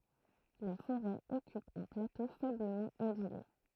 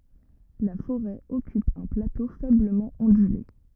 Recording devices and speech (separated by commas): throat microphone, rigid in-ear microphone, read sentence